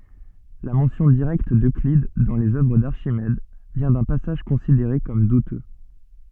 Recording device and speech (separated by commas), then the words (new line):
soft in-ear microphone, read sentence
La mention directe d’Euclide dans les œuvres d’Archimède vient d’un passage considéré comme douteux.